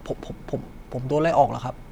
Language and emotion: Thai, sad